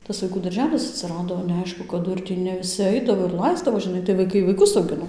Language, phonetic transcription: Lithuanian, tas vaiˈkų darˈželis atsiˈrado neaˈišku kaˈdu ir ˈtį ne viˈsi ˈaidavo ir ˈlaisdavo žiˈnai tai vaiˈkai vaiˈkus auˈgino

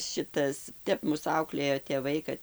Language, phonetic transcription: Lithuanian, ˈšitas ˈtep ˈmus ˈauklėjo tėˈvai kad

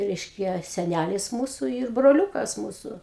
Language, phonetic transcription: Lithuanian, ˈreiškia seˈnælis ˈmūsu yr broˈliukas ˈmūsu

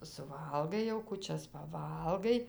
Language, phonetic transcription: Lithuanian, suˈvalgai jau kuˈčias paˈvalgai

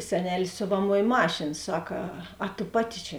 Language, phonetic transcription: Lithuanian, seˈnelės ˈsiovaˌmoj ˈmašėn ˈsak a a tu ˈpaˌti čia

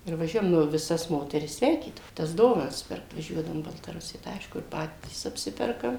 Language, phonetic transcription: Lithuanian, ir vaˈžiuojam nu viˈsas ˈmoteris ˈsveikydavo tas ˈdovanas ˈpirkt vaˈžiuodavum į baltaˈrusija tai ˈaišku i ˈpatys apˈsiperkam

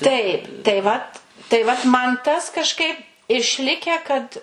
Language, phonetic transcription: Lithuanian, taip tai ˈvat tai vat ˈman ˈtas kažˈkaip išˈlikę kad

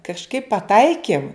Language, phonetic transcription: Lithuanian, kažˈkaip paˈtaikim

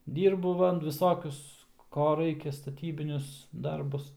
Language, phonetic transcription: Lithuanian, ˈdyrbu ˈva viˈsokius ˈko ˈraikia staˈtybinius ˈdarbus

